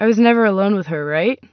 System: none